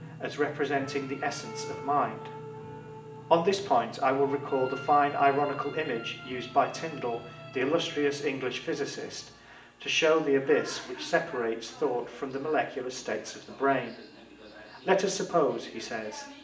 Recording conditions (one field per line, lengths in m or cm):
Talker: one person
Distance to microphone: 1.8 m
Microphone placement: close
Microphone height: 1.0 m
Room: large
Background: television